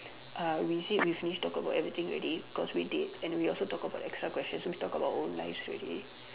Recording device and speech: telephone, conversation in separate rooms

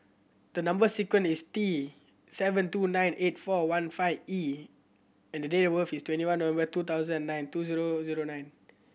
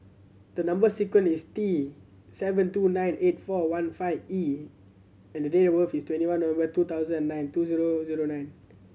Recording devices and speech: boundary microphone (BM630), mobile phone (Samsung C7100), read sentence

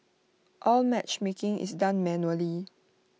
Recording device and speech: mobile phone (iPhone 6), read sentence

